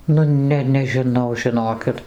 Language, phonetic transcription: Lithuanian, nu ˈne nežiˈnau žiˈnokit

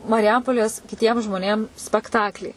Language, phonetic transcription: Lithuanian, mariˈjampolės kiˈtiem žmoˈnėm spekˈtaklį

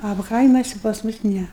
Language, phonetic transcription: Lithuanian, a ˈkaimasi pas ˈmus ˈne

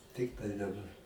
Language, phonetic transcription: Lithuanian, ˈtiktai daˈbar

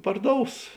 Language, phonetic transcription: Lithuanian, parˈdous

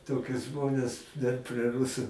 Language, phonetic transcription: Lithuanian, ˈtokius ˈžmones dar prie ˈrusu

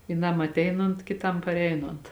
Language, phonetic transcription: Lithuanian, vyˈnam atˈeinont kiˈtam parˈeinont

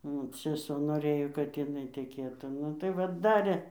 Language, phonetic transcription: Lithuanian, ˈnu seˈso noˈrɘjo kad jiˈnai teˈkėtų ˈnu tai ˈva ˈdarė

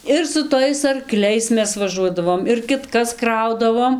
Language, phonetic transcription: Lithuanian, ir su ˈtais arˈkliais ˈmes vaˈžuodavom ir kitˈkas ˈkraudavom

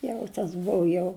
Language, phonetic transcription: Lithuanian, ˈjau tas ˈbuvu jau

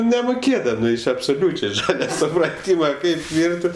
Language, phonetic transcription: Lithuanian, nemoˈkėdami absoˈliūčiai ˈžale supraˈtyma ˈkaip ˈvirti

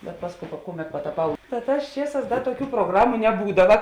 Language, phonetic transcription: Lithuanian, bet ˈpasˌkou pa ˈkuˌmet pataˈpau ta ˈtās ˈčieˌsās ˈda tuoˈkių proˈgramu neˈbūdava

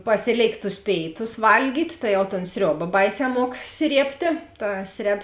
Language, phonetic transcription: Lithuanian, ˈpasiˌlėikt tus ˈpėiˌtus ˈvalgyt' tai jau ton ˈsrioba ˈbaiˌsē ˈmuok ˈsriebtė ˈta ˈsreb

